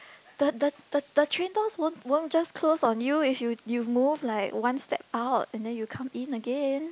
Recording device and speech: close-talking microphone, conversation in the same room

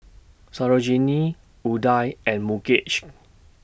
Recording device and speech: boundary microphone (BM630), read sentence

